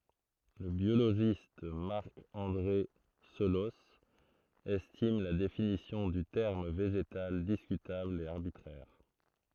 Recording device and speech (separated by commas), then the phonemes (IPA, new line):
throat microphone, read sentence
lə bjoloʒist maʁk ɑ̃dʁe səlɔs ɛstim la definisjɔ̃ dy tɛʁm veʒetal diskytabl e aʁbitʁɛʁ